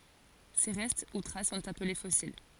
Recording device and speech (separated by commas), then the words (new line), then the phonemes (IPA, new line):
forehead accelerometer, read sentence
Ces restes ou traces sont appelés fossiles.
se ʁɛst u tʁas sɔ̃t aple fɔsil